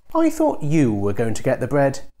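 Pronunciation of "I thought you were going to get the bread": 'The bread' is said with a rising tone, and 'you' gets a falling tone.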